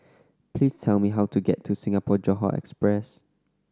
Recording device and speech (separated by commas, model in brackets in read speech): standing microphone (AKG C214), read sentence